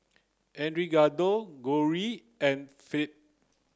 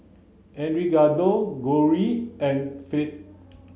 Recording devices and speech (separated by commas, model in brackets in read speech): close-talking microphone (WH30), mobile phone (Samsung C9), read sentence